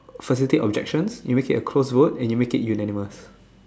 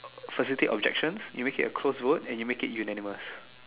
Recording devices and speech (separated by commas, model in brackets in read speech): standing microphone, telephone, conversation in separate rooms